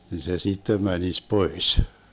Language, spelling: Finnish, niin se sitten menisi pois
- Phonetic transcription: ni se 'sittem 'mänis "pois .

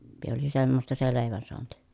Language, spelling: Finnish, - oli semmoista se leivän saanti
- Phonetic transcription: (pi-) oli semmosta se lèi̮vän soanti .

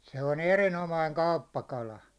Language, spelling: Finnish, se on erinomainen kauppakala
- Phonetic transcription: se on 'erinomaiŋ "kauppakala .

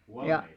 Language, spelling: Finnish, ja
- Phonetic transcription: ja ,.

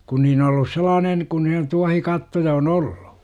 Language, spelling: Finnish, kun niin ollut sellainen kun ne tuohikattoja on ollut
- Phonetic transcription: kun niin ollus 'selaanen , kun (ne) 'tuahikattoja on "olLU .

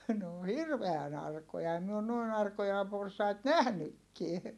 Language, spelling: Finnish, ne on hirveän arkoja en minä ole noin arkoja porsaita nähnytkään
- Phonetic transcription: n ‿oo hirveän ‿arkoja - em mi on nòin ‿arkoja porsait nähnykkie .

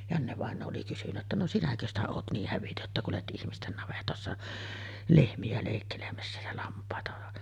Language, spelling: Finnish, Janne-vainaja oli kysynyt että no sinäkö sitä olet niin hävytön että kuljet ihmisten navetoissa lehmiä leikkelemässä ja lampaita
- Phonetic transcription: Janne-vàeǹoo oli kysyn̆nä ‿ttä » no "sinäkö ‿stä oot 'niih 'hävitö’ ’että kulet 'ˀihmisten navetòessa , "lehmi₍ä lèikkelemässä jä 'lamp̀àeta .

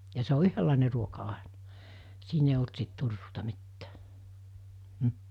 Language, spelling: Finnish, ja se on yhdenlainen ruoka aina siinä ei ollut sitten turruuta mitään mm
- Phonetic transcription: ja se o 'yhöllàene ruoka 'aenᴀ , 'siin ‿eij ‿olt sit 'turruuta 'mittᴀ̈ᴀ̈ , m̥ .

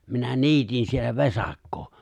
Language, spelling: Finnish, minä niitin siellä vesakkoa
- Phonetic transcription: minä 'niitin siellä 'vesaⁱkkoo .

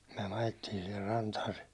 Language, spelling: Finnish, me ajettiin siihen rantaan se
- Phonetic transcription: myä ajettiin̬ sihir 'rantaan̬ se ,.

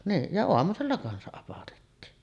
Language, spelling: Finnish, niin ja aamusella kanssa apatettiin
- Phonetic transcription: niin , ja "oamusella 'kansaˀ ˀapatettiin .

